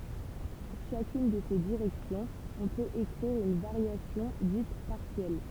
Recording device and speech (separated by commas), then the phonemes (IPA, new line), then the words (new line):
temple vibration pickup, read sentence
puʁ ʃakyn də se diʁɛksjɔ̃z ɔ̃ pøt ekʁiʁ yn vaʁjasjɔ̃ dit paʁsjɛl
Pour chacune de ces directions, on peut écrire une variation, dite partielle.